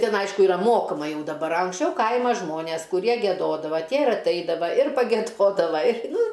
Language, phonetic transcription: Lithuanian, ˈtin ˈaišku iˈra ˈmokama ˈjau daˈbar a anksˈčiau ˈkaima ˈžmonės kuˈrie gieˈdodava ˈtie ir atˈaidava ir pageˈdodava ir ˈnu

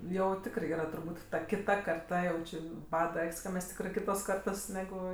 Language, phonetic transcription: Lithuanian, jau ˈtikrɜ ˈyra turˈbūt ta kiˈta karˈta jau ˈči ˈbada ˈak's' ka ˈmes ˈtikrɜ ˈkitos ˈkartos neˈgu

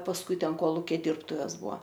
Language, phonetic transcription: Lithuanian, pasˈkui ˈten ˈkolukia ˈdyrbtuves ˈbua

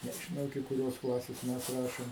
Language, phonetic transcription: Lithuanian, nežiˈnau iki kuˈrios ˈklasės ˈmes ˈrašim

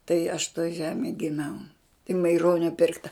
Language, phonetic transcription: Lithuanian, tai aš toj ˈžemėj giˈmiau i maiˈronio ˈpirkta

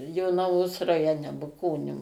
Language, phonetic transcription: Lithuanian, jonaˈvos rajoˈne buˈkonių

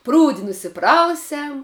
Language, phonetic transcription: Lithuanian, ˈprūdi nusiˈprausiam

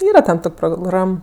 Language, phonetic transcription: Lithuanian, ˈyra ten ˈtok' proˈgram

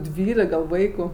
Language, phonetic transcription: Lithuanian, ˈdvylik gal ˈvaiku

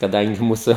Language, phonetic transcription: Lithuanian, kaˈdangi ˈmūsu

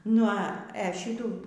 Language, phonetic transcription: Lithuanian, nu a e ˈšytų

